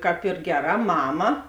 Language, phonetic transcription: Lithuanian, ˈkāp ˈyr ˈgeˌrā ˈmama

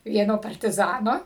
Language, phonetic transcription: Lithuanian, ˈvieno partiˈzano

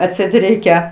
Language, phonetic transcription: Lithuanian, atˈseit ˈreikia

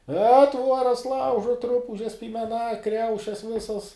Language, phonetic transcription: Lithuanian, e ˈtvuoras ˈlaužuot ˈrupužes pymeˈna ˈkriaušes ˈvisas

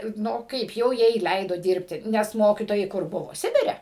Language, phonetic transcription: Lithuanian, ˈnu ˈkaip jau ˈjai ˈleido ˈdirbti nes ˈmokytojai ˈkur ˈbuvo ˈsibire

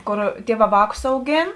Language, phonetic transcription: Lithuanian, ˈkor ˈtieˌvā ˈvākus auˈgėn

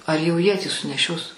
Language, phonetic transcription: Lithuanian, ar jau ˈjie tį suneˈšios

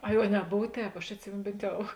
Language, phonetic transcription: Lithuanian, ˈai o neˈbov ˈtēp aš atˈsimėno ˈbėnt ˈjau

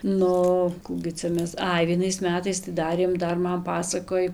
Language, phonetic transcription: Lithuanian, ˈnu ˈkų gi ˈcia ˈmes ˈai vieˈnais ˈmetais tai ˈdarėm ˈdar ˈman ˈpasakoj

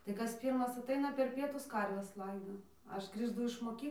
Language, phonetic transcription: Lithuanian, tai ˈkas ˈpyrmas aˈtaina per ˈpietus ˈkarves ˈlaido ˈaš grįžˈtu iš moˈky

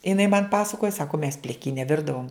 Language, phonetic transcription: Lithuanian, iˈnai man ˈpasakoja ˈsako mes pliˈkyne ˈvirdavom

